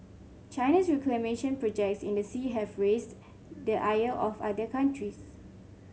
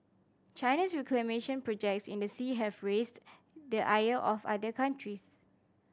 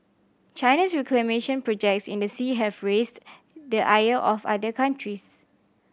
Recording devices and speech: mobile phone (Samsung C5), standing microphone (AKG C214), boundary microphone (BM630), read sentence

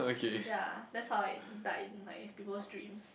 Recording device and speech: boundary microphone, conversation in the same room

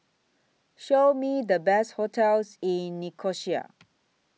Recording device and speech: mobile phone (iPhone 6), read sentence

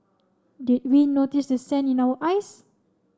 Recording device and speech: standing microphone (AKG C214), read sentence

